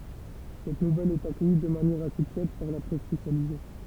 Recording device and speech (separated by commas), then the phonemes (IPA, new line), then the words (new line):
temple vibration pickup, read sentence
sɛt nuvɛl ɛt akœji də manjɛʁ ase tjɛd paʁ la pʁɛs spesjalize
Cette nouvelle est accueillie de manière assez tiède par la presse spécialisée.